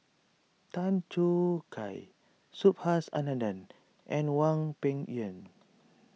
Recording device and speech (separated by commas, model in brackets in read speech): mobile phone (iPhone 6), read sentence